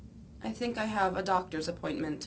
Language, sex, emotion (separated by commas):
English, female, neutral